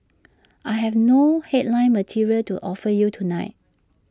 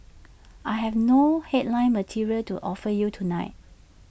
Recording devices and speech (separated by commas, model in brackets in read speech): standing microphone (AKG C214), boundary microphone (BM630), read sentence